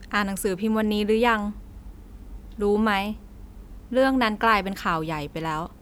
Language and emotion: Thai, neutral